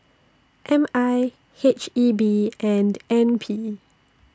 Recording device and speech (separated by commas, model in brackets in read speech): standing microphone (AKG C214), read sentence